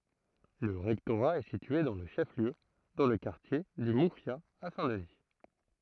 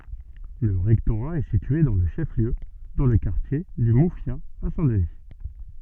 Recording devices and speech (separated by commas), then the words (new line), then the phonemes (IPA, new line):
throat microphone, soft in-ear microphone, read sentence
Le rectorat est situé dans le chef-lieu, dans le quartier du Moufia à Saint-Denis.
lə ʁɛktoʁa ɛ sitye dɑ̃ lə ʃɛf ljø dɑ̃ lə kaʁtje dy mufja a sɛ̃ dəni